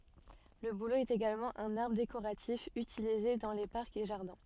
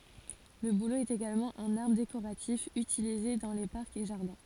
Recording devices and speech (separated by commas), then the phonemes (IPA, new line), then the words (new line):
soft in-ear microphone, forehead accelerometer, read sentence
lə bulo ɛt eɡalmɑ̃ œ̃n aʁbʁ dekoʁatif ytilize dɑ̃ le paʁkz e ʒaʁdɛ̃
Le bouleau est également un arbre décoratif utilisé dans les parcs et jardins.